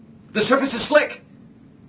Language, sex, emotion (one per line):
English
male
fearful